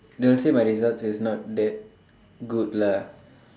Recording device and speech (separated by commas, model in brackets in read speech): standing microphone, conversation in separate rooms